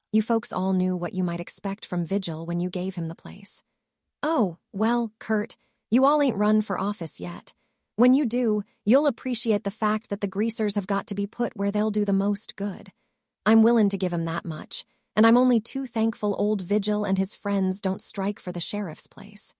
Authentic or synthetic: synthetic